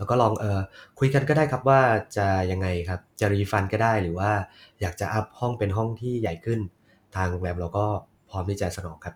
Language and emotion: Thai, neutral